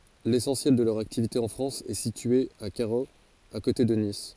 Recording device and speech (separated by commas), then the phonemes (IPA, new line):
forehead accelerometer, read sentence
lesɑ̃sjɛl də lœʁ aktivite ɑ̃ fʁɑ̃s ɛ sitye a kaʁoz a kote də nis